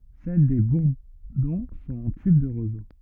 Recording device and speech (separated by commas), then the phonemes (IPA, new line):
rigid in-ear microphone, read sentence
sɛl de buʁdɔ̃ sɔ̃t ɑ̃ tyb də ʁozo